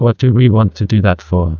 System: TTS, neural waveform model